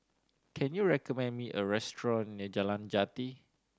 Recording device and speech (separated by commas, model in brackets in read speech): standing microphone (AKG C214), read sentence